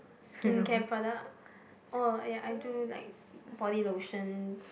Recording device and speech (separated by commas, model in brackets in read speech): boundary microphone, conversation in the same room